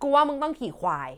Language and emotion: Thai, angry